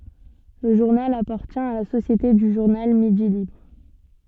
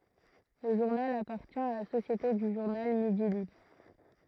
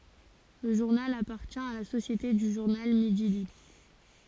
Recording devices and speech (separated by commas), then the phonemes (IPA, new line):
soft in-ear microphone, throat microphone, forehead accelerometer, read sentence
lə ʒuʁnal apaʁtjɛ̃ a la sosjete dy ʒuʁnal midi libʁ